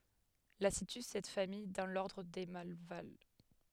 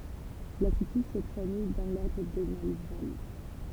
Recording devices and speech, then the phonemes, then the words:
headset microphone, temple vibration pickup, read sentence
la sity sɛt famij dɑ̃ lɔʁdʁ de malval
La situe cette famille dans l'ordre des Malvales.

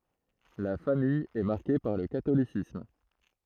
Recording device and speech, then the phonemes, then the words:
throat microphone, read sentence
la famij ɛ maʁke paʁ lə katolisism
La famille est marquée par le catholicisme.

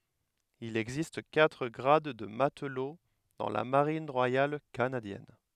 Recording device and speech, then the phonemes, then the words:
headset microphone, read sentence
il ɛɡzist katʁ ɡʁad də matlo dɑ̃ la maʁin ʁwajal kanadjɛn
Il existe quatre grades de matelot dans la Marine royale canadienne.

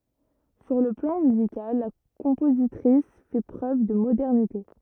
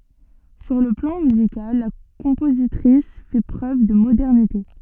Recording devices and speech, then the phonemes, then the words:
rigid in-ear microphone, soft in-ear microphone, read sentence
syʁ lə plɑ̃ myzikal la kɔ̃pozitʁis fɛ pʁøv də modɛʁnite
Sur le plan musical, la compositrice fait preuve de modernité.

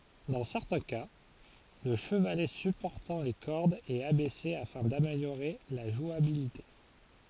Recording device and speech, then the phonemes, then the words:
forehead accelerometer, read sentence
dɑ̃ sɛʁtɛ̃ ka lə ʃəvalɛ sypɔʁtɑ̃ le kɔʁdz ɛt abɛse afɛ̃ dameljoʁe la ʒwabilite
Dans certains cas, le chevalet supportant les cordes est abaissé afin d'améliorer la jouabilité.

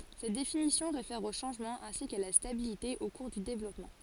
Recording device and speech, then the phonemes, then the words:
forehead accelerometer, read sentence
sɛt definisjɔ̃ ʁefɛʁ o ʃɑ̃ʒmɑ̃z ɛ̃si ka la stabilite o kuʁ dy devlɔpmɑ̃
Cette définition réfère aux changements ainsi qu'à la stabilité au cours du développement.

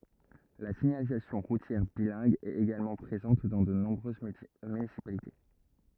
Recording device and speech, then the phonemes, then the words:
rigid in-ear microphone, read sentence
la siɲalizasjɔ̃ ʁutjɛʁ bilɛ̃ɡ ɛt eɡalmɑ̃ pʁezɑ̃t dɑ̃ də nɔ̃bʁøz mynisipalite
La signalisation routière bilingue est également présente dans de nombreuses municipalités.

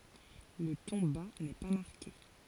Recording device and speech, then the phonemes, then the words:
forehead accelerometer, read sentence
lə tɔ̃ ba nɛ pa maʁke
Le ton bas n’est pas marqué.

